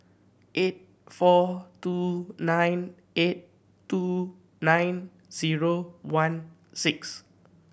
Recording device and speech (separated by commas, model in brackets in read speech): boundary microphone (BM630), read sentence